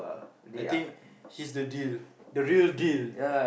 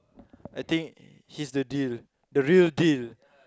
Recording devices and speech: boundary microphone, close-talking microphone, conversation in the same room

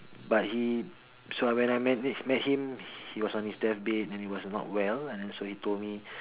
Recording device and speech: telephone, conversation in separate rooms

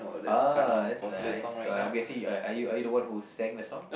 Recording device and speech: boundary microphone, conversation in the same room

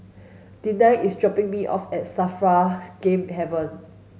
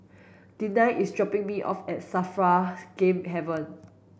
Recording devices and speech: mobile phone (Samsung S8), boundary microphone (BM630), read sentence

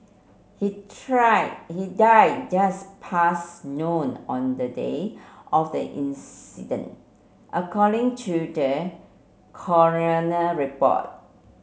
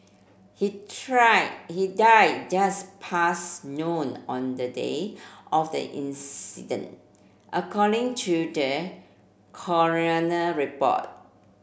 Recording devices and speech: mobile phone (Samsung C7), boundary microphone (BM630), read sentence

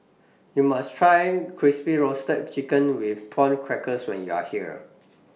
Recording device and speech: mobile phone (iPhone 6), read sentence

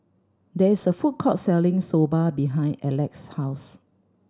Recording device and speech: standing microphone (AKG C214), read sentence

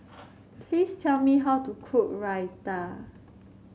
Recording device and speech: mobile phone (Samsung C7), read sentence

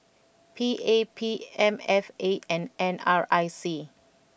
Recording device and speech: boundary microphone (BM630), read sentence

